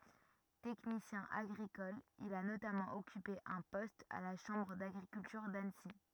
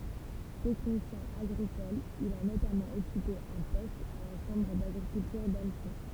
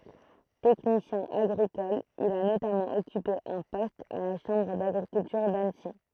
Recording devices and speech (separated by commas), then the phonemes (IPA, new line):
rigid in-ear microphone, temple vibration pickup, throat microphone, read sentence
tɛknisjɛ̃ aɡʁikɔl il a notamɑ̃ ɔkype œ̃ pɔst a la ʃɑ̃bʁ daɡʁikyltyʁ danəsi